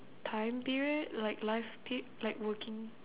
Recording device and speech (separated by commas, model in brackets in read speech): telephone, conversation in separate rooms